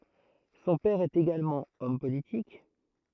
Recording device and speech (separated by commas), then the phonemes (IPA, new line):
throat microphone, read sentence
sɔ̃ pɛʁ ɛt eɡalmɑ̃ ɔm politik